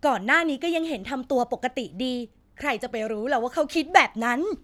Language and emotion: Thai, neutral